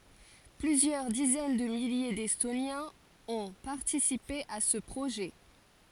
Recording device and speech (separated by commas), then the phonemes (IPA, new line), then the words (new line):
forehead accelerometer, read sentence
plyzjœʁ dizɛn də milje dɛstonjɛ̃z ɔ̃ paʁtisipe a sə pʁoʒɛ
Plusieurs dizaines de milliers d'Estoniens ont participé à ce projet.